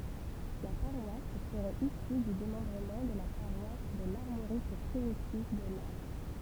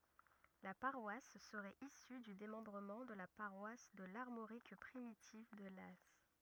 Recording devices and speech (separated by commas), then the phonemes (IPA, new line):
temple vibration pickup, rigid in-ear microphone, read sentence
la paʁwas səʁɛt isy dy demɑ̃bʁəmɑ̃ də la paʁwas də laʁmoʁik pʁimitiv də laz